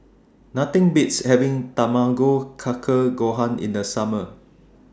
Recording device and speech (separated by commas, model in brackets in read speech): standing microphone (AKG C214), read sentence